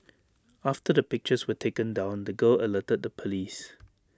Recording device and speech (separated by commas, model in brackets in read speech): standing microphone (AKG C214), read sentence